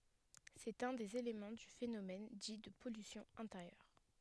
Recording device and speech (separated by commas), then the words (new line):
headset microphone, read sentence
C'est un des éléments du phénomène dit de pollution intérieure.